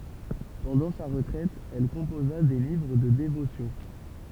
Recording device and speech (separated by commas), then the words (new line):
temple vibration pickup, read sentence
Pendant sa retraite, elle composa des livres de dévotions.